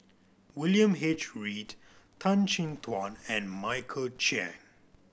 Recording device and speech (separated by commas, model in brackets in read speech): boundary microphone (BM630), read sentence